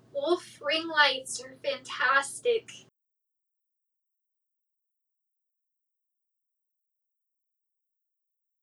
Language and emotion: English, sad